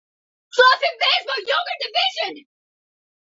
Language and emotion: English, surprised